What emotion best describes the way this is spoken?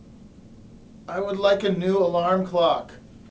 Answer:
neutral